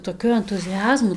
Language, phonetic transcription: Lithuanian, toˈkiu entuziˈazmu

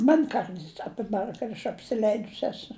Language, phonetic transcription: Lithuanian, ˈman' ˈkarts aˈpibar kad aš apsiˈleidus ˈesu

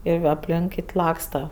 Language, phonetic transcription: Lithuanian, ir apˈlink ˈkit' ˈlaksta

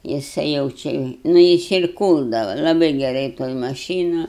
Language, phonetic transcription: Lithuanian, jiˈsai jau ˈči nu ˈjis ir ˈkūldava laˈbai geˈrai toj maˈšynu

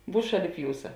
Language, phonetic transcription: Lithuanian, ˈbūs ˈšaˌlip ˈjūsa

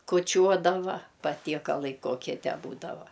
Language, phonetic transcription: Lithuanian, kuoˈčiuodava patiekaˈlai ˈkokie ˈtę ˈbūdava

